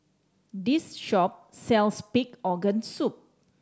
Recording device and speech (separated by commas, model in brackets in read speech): standing microphone (AKG C214), read sentence